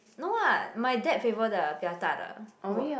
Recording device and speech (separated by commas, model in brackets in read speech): boundary microphone, conversation in the same room